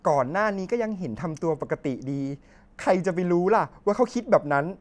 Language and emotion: Thai, frustrated